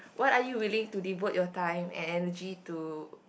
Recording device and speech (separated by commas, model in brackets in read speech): boundary microphone, conversation in the same room